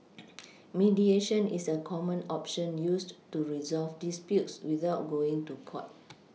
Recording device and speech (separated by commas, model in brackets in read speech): mobile phone (iPhone 6), read sentence